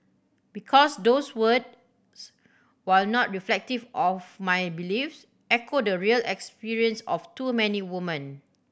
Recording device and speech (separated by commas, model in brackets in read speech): boundary microphone (BM630), read sentence